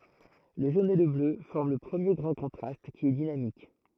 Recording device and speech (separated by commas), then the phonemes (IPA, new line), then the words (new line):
throat microphone, read sentence
lə ʒon e lə blø fɔʁm lə pʁəmje ɡʁɑ̃ kɔ̃tʁast ki ɛ dinamik
Le jaune et le bleu forment le premier grand contraste, qui est dynamique.